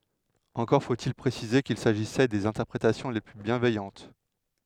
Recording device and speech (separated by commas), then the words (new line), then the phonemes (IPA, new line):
headset microphone, read sentence
Encore faut-il préciser qu'il s'agissait des interprétations les plus bienveillantes.
ɑ̃kɔʁ fotil pʁesize kil saʒisɛ dez ɛ̃tɛʁpʁetasjɔ̃ le ply bjɛ̃vɛjɑ̃t